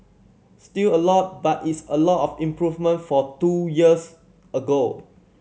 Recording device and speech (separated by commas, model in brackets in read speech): mobile phone (Samsung C7100), read sentence